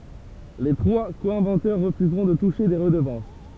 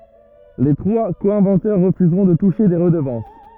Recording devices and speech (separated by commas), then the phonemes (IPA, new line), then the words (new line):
temple vibration pickup, rigid in-ear microphone, read sentence
le tʁwa ko ɛ̃vɑ̃tœʁ ʁəfyzʁɔ̃ də tuʃe de ʁədəvɑ̃s
Les trois co-inventeurs refuseront de toucher des redevances.